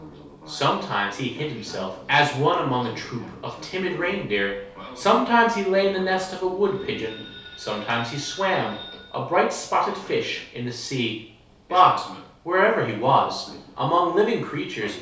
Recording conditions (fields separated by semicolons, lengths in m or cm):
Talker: one person; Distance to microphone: 3.0 m; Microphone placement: far; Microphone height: 1.8 m; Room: small (3.7 m by 2.7 m); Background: television